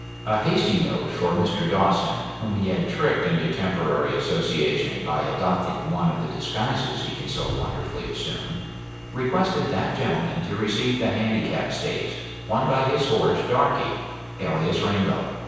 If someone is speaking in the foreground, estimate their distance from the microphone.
7.1 m.